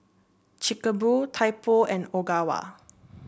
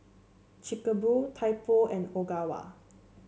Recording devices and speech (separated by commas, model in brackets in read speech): boundary microphone (BM630), mobile phone (Samsung C7), read sentence